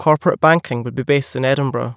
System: none